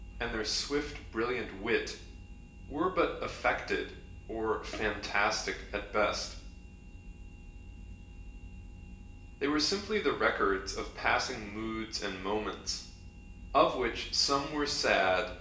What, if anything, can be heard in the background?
Nothing.